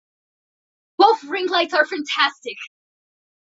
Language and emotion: English, surprised